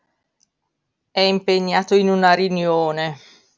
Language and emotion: Italian, neutral